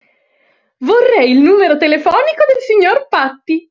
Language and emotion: Italian, happy